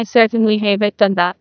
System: TTS, neural waveform model